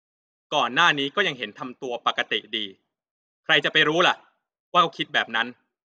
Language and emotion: Thai, frustrated